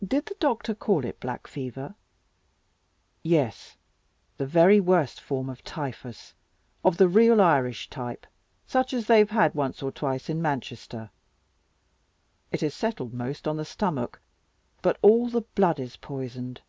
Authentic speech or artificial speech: authentic